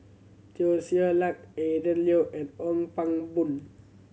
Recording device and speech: mobile phone (Samsung C7100), read sentence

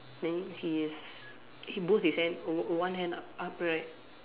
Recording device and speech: telephone, conversation in separate rooms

